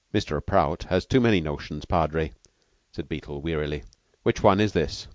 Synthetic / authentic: authentic